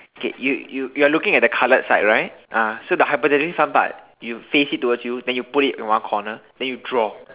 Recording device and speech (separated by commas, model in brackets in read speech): telephone, conversation in separate rooms